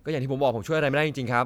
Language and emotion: Thai, frustrated